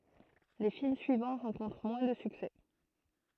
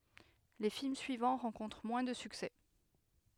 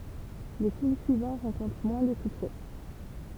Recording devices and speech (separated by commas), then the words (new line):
throat microphone, headset microphone, temple vibration pickup, read sentence
Les films suivants rencontrent moins de succès.